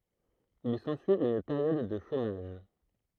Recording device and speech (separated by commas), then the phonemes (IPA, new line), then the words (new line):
throat microphone, read sentence
il sɑ̃syi yn peʁjɔd də ʃomaʒ
Il s'ensuit une période de chômage.